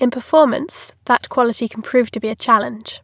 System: none